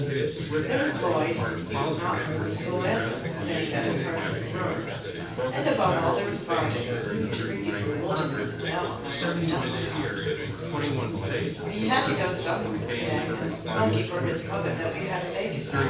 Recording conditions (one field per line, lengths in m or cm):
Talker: one person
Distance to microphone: 9.8 m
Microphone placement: far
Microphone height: 1.8 m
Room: large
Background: babble